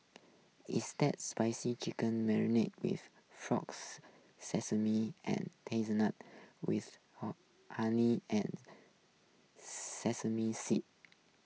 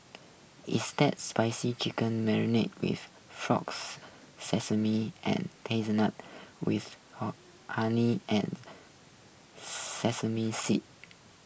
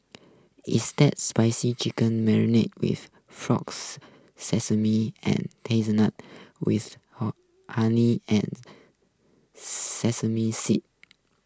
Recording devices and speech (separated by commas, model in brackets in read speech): mobile phone (iPhone 6), boundary microphone (BM630), close-talking microphone (WH20), read sentence